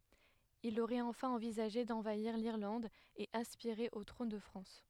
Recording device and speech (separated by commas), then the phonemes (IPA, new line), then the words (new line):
headset microphone, read sentence
il oʁɛt ɑ̃fɛ̃ ɑ̃vizaʒe dɑ̃vaiʁ liʁlɑ̃d e aspiʁe o tʁɔ̃n də fʁɑ̃s
Il aurait enfin envisagé d'envahir l'Irlande et aspiré au trône de France.